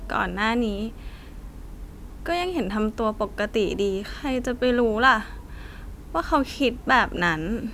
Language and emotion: Thai, sad